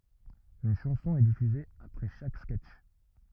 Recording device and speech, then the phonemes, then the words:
rigid in-ear microphone, read sentence
yn ʃɑ̃sɔ̃ ɛ difyze apʁɛ ʃak skɛtʃ
Une chanson est diffusée après chaque sketch.

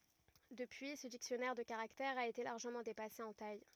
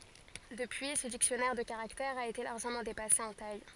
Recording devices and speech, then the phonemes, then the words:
rigid in-ear microphone, forehead accelerometer, read sentence
dəpyi sə diksjɔnɛʁ də kaʁaktɛʁz a ete laʁʒəmɑ̃ depase ɑ̃ taj
Depuis, ce dictionnaire de caractères a été largement dépassé en taille.

